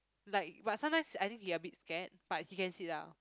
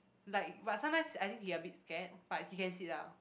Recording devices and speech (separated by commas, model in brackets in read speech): close-talking microphone, boundary microphone, conversation in the same room